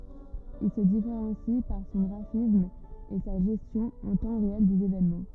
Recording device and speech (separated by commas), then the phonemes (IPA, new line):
rigid in-ear microphone, read sentence
il sə difeʁɑ̃si paʁ sɔ̃ ɡʁafism e sa ʒɛstjɔ̃ ɑ̃ tɑ̃ ʁeɛl dez evenmɑ̃